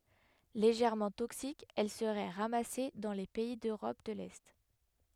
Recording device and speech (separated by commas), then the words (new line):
headset microphone, read sentence
Légèrement toxique, elle serait ramassée dans les pays d'Europe de L'Est.